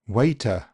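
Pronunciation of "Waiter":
'Waiter' has a big schwa that is not dropped. It comes close to an uh sound.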